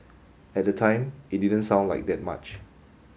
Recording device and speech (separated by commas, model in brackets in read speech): mobile phone (Samsung S8), read sentence